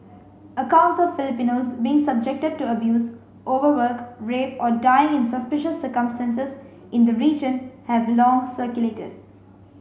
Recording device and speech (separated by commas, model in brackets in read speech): mobile phone (Samsung C5), read sentence